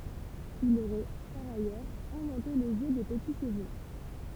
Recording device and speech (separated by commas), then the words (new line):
temple vibration pickup, read sentence
Il aurait, par ailleurs, inventé le jeu des petits chevaux.